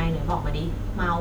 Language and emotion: Thai, neutral